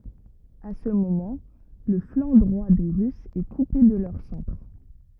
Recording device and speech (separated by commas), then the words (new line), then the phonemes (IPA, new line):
rigid in-ear microphone, read sentence
À ce moment, le flanc droit des Russes est coupé de leur centre.
a sə momɑ̃ lə flɑ̃ dʁwa de ʁysz ɛ kupe də lœʁ sɑ̃tʁ